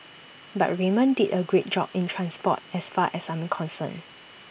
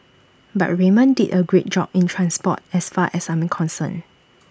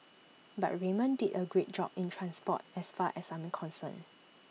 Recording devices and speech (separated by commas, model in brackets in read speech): boundary microphone (BM630), standing microphone (AKG C214), mobile phone (iPhone 6), read sentence